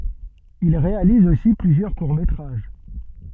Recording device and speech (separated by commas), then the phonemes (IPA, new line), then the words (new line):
soft in-ear microphone, read sentence
il ʁealiz osi plyzjœʁ kuʁ metʁaʒ
Il réalise aussi plusieurs courts métrages.